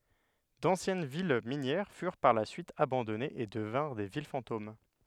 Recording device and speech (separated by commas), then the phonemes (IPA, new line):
headset microphone, read sentence
dɑ̃sjɛn vil minjɛʁ fyʁ paʁ la syit abɑ̃dɔnez e dəvɛ̃ʁ de vil fɑ̃tom